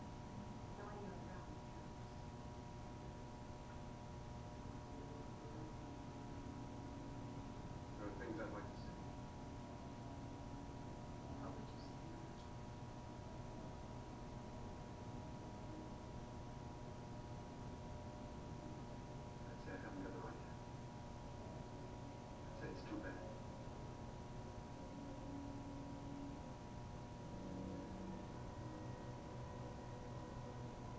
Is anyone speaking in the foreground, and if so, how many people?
No one.